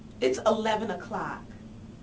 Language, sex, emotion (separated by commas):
English, female, neutral